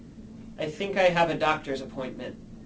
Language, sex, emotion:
English, male, neutral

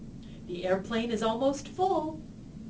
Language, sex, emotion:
English, female, happy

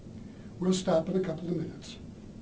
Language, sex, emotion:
English, male, neutral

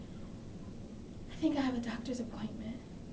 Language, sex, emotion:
English, female, fearful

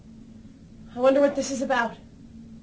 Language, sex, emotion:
English, female, fearful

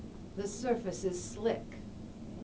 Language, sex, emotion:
English, female, neutral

